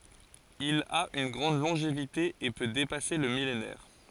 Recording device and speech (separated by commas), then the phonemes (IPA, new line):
forehead accelerometer, read sentence
il a yn ɡʁɑ̃d lɔ̃ʒevite e pø depase lə milenɛʁ